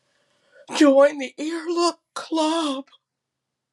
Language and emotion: English, fearful